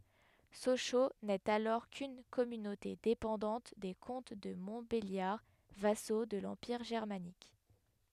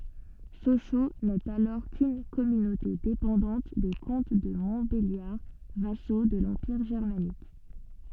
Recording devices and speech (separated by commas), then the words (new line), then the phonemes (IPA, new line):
headset microphone, soft in-ear microphone, read sentence
Sochaux n'est alors qu'une communauté dépendante des comtes de Montbéliard vassaux de l'Empire germanique.
soʃo nɛt alɔʁ kyn kɔmynote depɑ̃dɑ̃t de kɔ̃t də mɔ̃tbeljaʁ vaso də lɑ̃piʁ ʒɛʁmanik